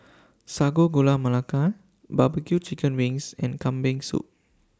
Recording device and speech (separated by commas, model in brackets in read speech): standing microphone (AKG C214), read sentence